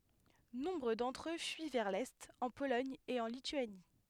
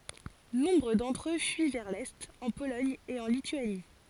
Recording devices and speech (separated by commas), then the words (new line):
headset microphone, forehead accelerometer, read sentence
Nombre d'entre eux fuient vers l’est, en Pologne et en Lituanie.